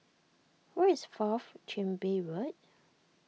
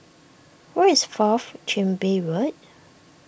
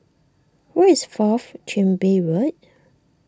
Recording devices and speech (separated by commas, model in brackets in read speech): mobile phone (iPhone 6), boundary microphone (BM630), standing microphone (AKG C214), read sentence